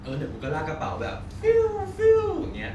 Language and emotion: Thai, happy